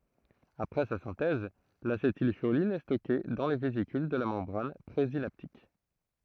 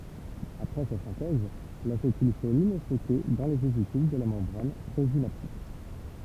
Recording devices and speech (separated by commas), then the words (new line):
throat microphone, temple vibration pickup, read sentence
Après sa synthèse, l'acétylcholine est stockée dans les vésicules de la membrane présynaptique.